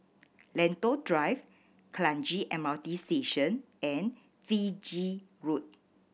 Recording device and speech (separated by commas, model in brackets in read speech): boundary microphone (BM630), read sentence